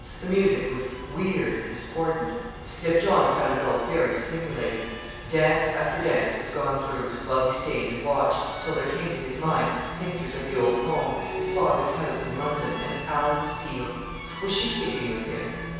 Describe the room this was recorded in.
A large, very reverberant room.